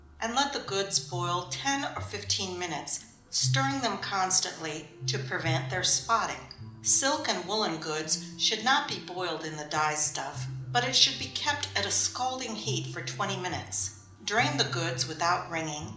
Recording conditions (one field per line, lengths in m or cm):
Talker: one person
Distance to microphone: 2.0 m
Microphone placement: close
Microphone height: 99 cm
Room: medium-sized (5.7 m by 4.0 m)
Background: music